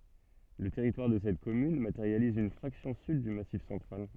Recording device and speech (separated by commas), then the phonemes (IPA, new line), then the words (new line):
soft in-ear microphone, read sentence
lə tɛʁitwaʁ də sɛt kɔmyn mateʁjaliz yn fʁaksjɔ̃ syd dy masif sɑ̃tʁal
Le territoire de cette commune matérialise une fraction sud du Massif central.